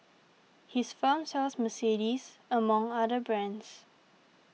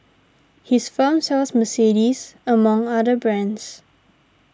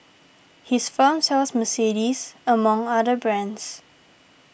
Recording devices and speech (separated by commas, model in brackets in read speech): mobile phone (iPhone 6), standing microphone (AKG C214), boundary microphone (BM630), read sentence